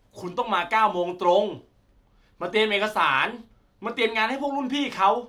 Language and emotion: Thai, angry